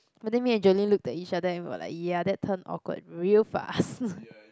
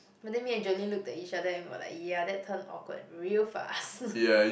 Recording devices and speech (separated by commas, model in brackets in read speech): close-talking microphone, boundary microphone, conversation in the same room